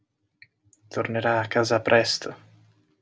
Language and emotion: Italian, sad